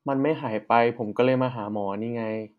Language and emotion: Thai, frustrated